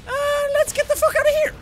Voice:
high-pitched